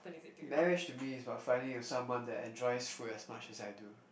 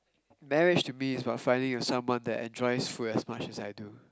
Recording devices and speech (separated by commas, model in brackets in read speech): boundary microphone, close-talking microphone, conversation in the same room